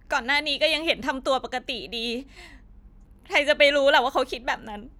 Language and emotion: Thai, sad